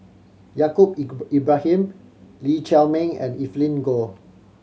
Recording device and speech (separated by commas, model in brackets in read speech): mobile phone (Samsung C7100), read sentence